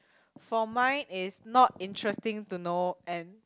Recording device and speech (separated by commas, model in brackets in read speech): close-talking microphone, conversation in the same room